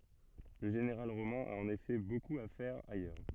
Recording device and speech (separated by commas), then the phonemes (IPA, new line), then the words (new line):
soft in-ear microphone, read sentence
lə ʒeneʁal ʁomɛ̃ a ɑ̃n efɛ bokup a fɛʁ ajœʁ
Le général romain a en effet beaucoup à faire ailleurs.